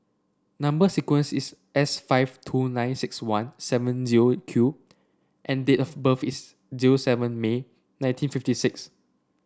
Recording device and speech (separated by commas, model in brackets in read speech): standing microphone (AKG C214), read sentence